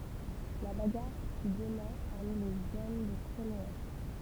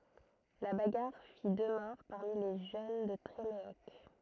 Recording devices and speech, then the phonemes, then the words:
temple vibration pickup, throat microphone, read sentence
la baɡaʁ fi dø mɔʁ paʁmi le ʒøn də tʁemeɔk
La bagarre fit deux morts parmi les jeunes de Tréméoc.

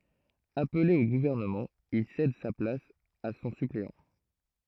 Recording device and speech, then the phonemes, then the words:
throat microphone, read sentence
aple o ɡuvɛʁnəmɑ̃ il sɛd sa plas a sɔ̃ sypleɑ̃
Appelé au gouvernement, il cède sa place à son suppléant.

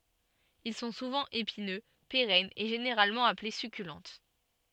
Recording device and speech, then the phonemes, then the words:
soft in-ear microphone, read sentence
il sɔ̃ suvɑ̃ epinø peʁɛnz e ʒeneʁalmɑ̃ aple sykylɑ̃t
Ils sont souvent épineux, pérennes, et généralement appelés succulentes.

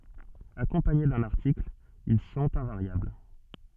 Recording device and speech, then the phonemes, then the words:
soft in-ear microphone, read sentence
akɔ̃paɲe dœ̃n aʁtikl il sɔ̃t ɛ̃vaʁjabl
Accompagnés d'un article, ils sont invariables.

